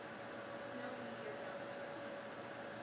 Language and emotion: English, sad